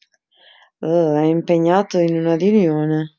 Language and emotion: Italian, disgusted